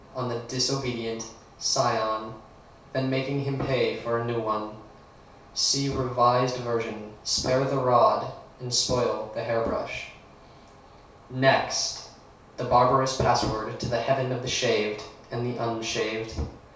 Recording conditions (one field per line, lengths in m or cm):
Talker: one person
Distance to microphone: 3.0 m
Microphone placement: far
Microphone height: 1.8 m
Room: small (3.7 m by 2.7 m)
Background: none